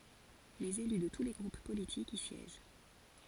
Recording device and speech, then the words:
forehead accelerometer, read sentence
Les élus de tous les groupes politiques y siègent.

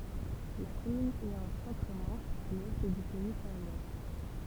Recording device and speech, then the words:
temple vibration pickup, read sentence
La commune est en Centre-Manche, à l'ouest du pays saint-lois.

